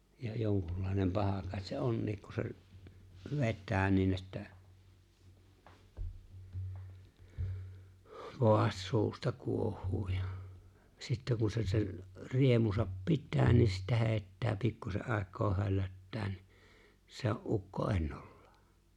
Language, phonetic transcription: Finnish, ja 'joŋkullàenem 'paha kàet se "onniik ku se ‿o͕ĺ , 'vet̆tää niin ‿että , 'kovast 'suusta 'kuoh̆huu ja , 'sittä ku se sen , 'riemusap "pittää ni sittä 'he̬e̬ⁱttä 'pikkuse ’àek̆koo 'höllöttä ni , se o’ '’ukko '’ennollᴀᴀ .
- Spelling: ja jonkunlainen paha kai se onkin kun se oli vetää niin että kovasti suusta kuohuu ja sitten kun se sen riemunsa pitää niin sitten heittää pikkuisen aikaa höllöttää niin se on ukko ennallaan

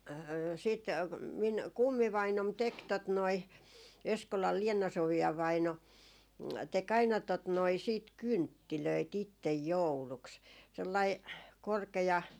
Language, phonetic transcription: Finnish, siit , miŋ "kummivainom tek tot noi , 'Eskolal "Liena 'Sovi₍a vaino , te'k ‿aina tot noi siit "kynttilöi't ‿ittej "jouluks .
- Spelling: sitten minun kummivainaani teki tuota noin Eskolan Leena Sofia vainaa teki aina tuota noin sitten kynttilöitä itse jouluksi

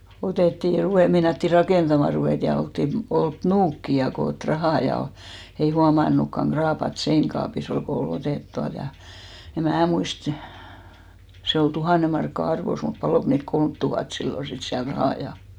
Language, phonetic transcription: Finnish, otètti , ruvè- , 'meinatti "rakèntamà ruvèt ja 'olttin , 'olt "nuukki ja 'koot "rahà ja , 'ei 'huaman̆nukkaŋ 'ɢraapat "seinkaapi's ‿ol ko o'l ‿otèt 'tualt ja , eᵐ 'mää muist , 'se ol 'tuhàne markka "arvos mut 'palòk niilt "kolmt tuhat 'sillo sit siäl 'rahà 'ja .
- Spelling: otettiin - meinattiin rakentamaan ruveta ja oltiin oltu nuukia ja koottu rahaa ja ei huomannutkaan kraapata seinäkaapissa oli kun oli otettu tuolta ja en minä muista se oli tuhannen markkaa arvossa mutta paloiko niiltä kolme tuhatta silloin sitten siellä rahaa ja

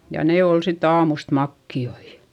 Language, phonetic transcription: Finnish, ja ne òl sit ‿aamust makki₍oi .
- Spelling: ja ne oli sitten aamusta makeita

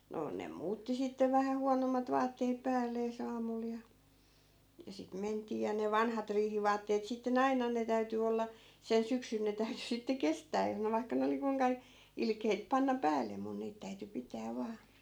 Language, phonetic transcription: Finnish, no , nem 'muutti sittev vähä 'huanommat 'vaatteep̆ 'päällee's ‿aamul ja , ja sit 'ment̀ii ja ne "vanhat 'riihivaatteet sitte'n ‿ainan ne 'täyty olla , sen 'syksyn ne 'täyty sitte "kestää (jos) ne vaikka ne oli 'kuⁱŋka , 'ilkeit 'panna "päälle mun 'niit täyty 'pitää 'vaa .
- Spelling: no ne muutti sitten vähän huonommat vaatteet päällensä aamulla ja ja sitten mentiin ja ne vanhat riihivaatteet sitten aina ne täytyi olla sen syksyn ne täytyi sitten kestää jos ne vaikka ne oli kuinka ilkeitä panna päälle minun niitä täytyi pitää vain

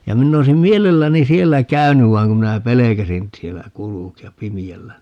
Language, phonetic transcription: Finnish, ja 'minn ‿oisim "mielelläni "siellä "käynyv 'vaiŋ kum minä "pelekäsin , 'siellä "kuluki₍ap 'pimi₍ällä .
- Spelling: ja minä olisin mielelläni siellä käynyt vaan kun minä pelkäsin siellä kulkea pimeällä

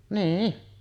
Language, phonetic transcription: Finnish, "nii₍i .
- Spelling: niin

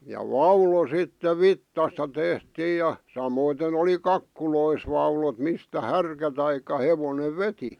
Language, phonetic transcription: Finnish, ja "vaulo sitte "vittasta 'tehtiij ja , 'samoiten ‿oli "kakkulois vaulot mistä "härkä taik̀a 'hevonev "veti .
- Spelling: ja vaulo sitten vitsasta tehtiin ja samoiten oli kakkuloissa vaulot mistä härkä tai hevonen veti

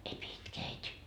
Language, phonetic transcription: Finnish, » ei pie 'itkee 'äit́i .
- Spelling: ei pidä itkeä äiti

